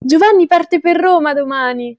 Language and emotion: Italian, happy